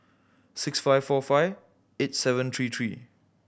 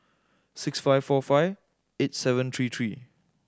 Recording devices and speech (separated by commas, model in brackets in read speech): boundary microphone (BM630), standing microphone (AKG C214), read sentence